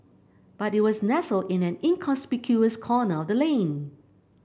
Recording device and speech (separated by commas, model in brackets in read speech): boundary microphone (BM630), read sentence